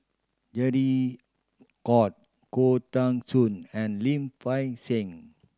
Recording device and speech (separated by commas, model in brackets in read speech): standing microphone (AKG C214), read sentence